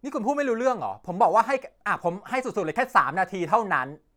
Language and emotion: Thai, angry